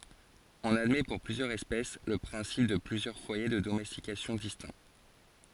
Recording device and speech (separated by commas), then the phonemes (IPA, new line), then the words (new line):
forehead accelerometer, read sentence
ɔ̃n admɛ puʁ plyzjœʁz ɛspɛs lə pʁɛ̃sip də plyzjœʁ fwaje də domɛstikasjɔ̃ distɛ̃
On admet pour plusieurs espèces le principe de plusieurs foyers de domestication distincts.